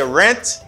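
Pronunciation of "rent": The last syllable of 'restaurant' is said here as 'rent' instead of 'rant', which is incorrect.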